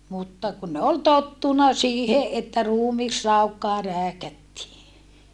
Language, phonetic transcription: Finnish, mutta , kun ne ol tottuna siihe ʼettä ruumisraukkaa rääkättii .
- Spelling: mutta kun ne oli tottunut siihen että ruumisraukkaa rääkättiin

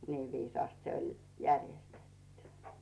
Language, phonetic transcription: Finnish, 'nii 'viisaast se oĺ , 'järjestettʏ .
- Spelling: niin viisaasti se oli järjestetty

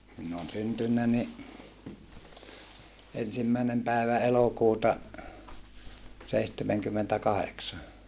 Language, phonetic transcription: Finnish, minn ‿oon syntynnä ni , ensimmä̀enem pä̀evä elokuuta , seihtemeŋkymmentäkaheksa .
- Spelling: minä olen syntynyt niin ensimmäinen päivä elokuuta seitsemänkymmentäkahdeksan

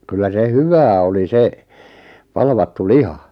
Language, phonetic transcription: Finnish, 'kyllä 'se "hyvää oli 'se , 'palvattu "liha .
- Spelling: kyllä se hyvää oli se palvattu liha

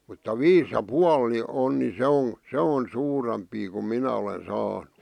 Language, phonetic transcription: Finnish, mutta "viis ja "pual ni 'on ni se 'on̬ , "se on "suurempii kum "minä olen 'saanᴜ , .
- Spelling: mutta viisi ja puoli niin on niin se on se on suurempia kun minä olen saanut

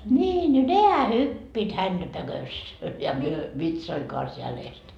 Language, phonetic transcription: Finnish, ńii no "nehä 'hyppiit hänDä 'pökös , ja 'myö , 'vitsoiŋ kans jälest .
- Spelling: niin no nehän hyppivät häntä pökössä ja me vitsojen kanssa jäljestä

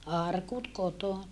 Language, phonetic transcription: Finnish, arkut kotona .
- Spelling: arkut kotona

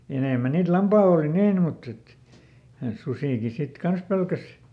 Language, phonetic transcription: Finnish, ja ˈenèmä niit "lampaall ‿òli ˈniin mutt ‿et , ˈsusìki sit "kans pelkäs .
- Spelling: ja enemmän niitä lampaalla oli niin mutta että susikin sitten kanssa pelkäsi

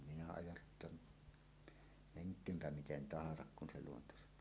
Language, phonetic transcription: Finnish, minä ajatt(elin) , "meŋk̀öömpä 'miten 'tahasak kun se luonto saǹoo .
- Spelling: minä ajattelin menköönpä miten tahansa kun se luonto sanoo

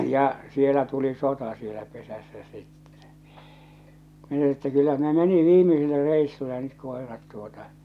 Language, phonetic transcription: Finnish, ja , sielä tuli 'sota sielä pesässä 'sittᴇ , min ‿että kyllä ne 'meni "viimisille 'reissulle nyt 'kòerat tuota .
- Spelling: ja siellä tuli sota siellä pesässä sitten minä että kyllä ne meni viimeisille reissulle nyt koirat tuota

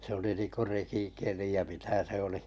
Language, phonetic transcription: Finnish, se oli ninko 'rekikeli ja 'mitä se oli .
- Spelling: se oli niin kuin rekikeli ja mitä se oli

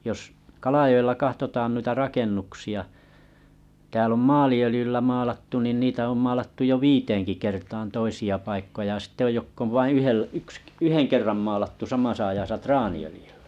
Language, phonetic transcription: Finnish, jos , 'Kalajo₍ella 'kahtotaan nuita 'rakennuksi₍a , tääl ‿om "maali₍ölⁱjyllä 'maalattu niin 'niitä om maalattu jo "viiteeŋki kertaan 'toisi₍a 'paikkoja a sittᵉ oj 'jokk ‿ov vaiḭ 'yhel- 'yks "yheŋ kerram maalattu 'samasa ajasa "traani₍ölⁱjʏʟʟᴀ̈ .
- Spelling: jos Kalajoella katsotaan noita rakennuksia täällä on maaliöljyllä maalattu niin niitä on maalattu jo viiteenkin kertaan toisia paikkoja ja sitten on jotka on vain - yksi yhden kerran maalattu samassa ajassa traaniöljyllä

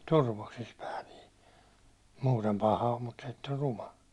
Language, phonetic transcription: Finnish, 'turvoksis pää nii , 'muutem 'paha om mut se ett ‿or 'ruma .
- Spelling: turvoksissa pää niin muuten paha on mutta se että on ruma

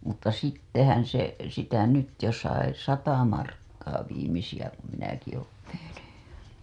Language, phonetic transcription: Finnish, mutta 'sittehän se , sitä nyt jo sai "sata markkaa 'viimisijä ku minäki oon teheny .
- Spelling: mutta sittenhän se sitä nyt jo sai sata markkaa viimeisiä kun minäkin olen tehnyt

